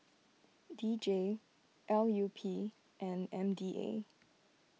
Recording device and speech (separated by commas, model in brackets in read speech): mobile phone (iPhone 6), read sentence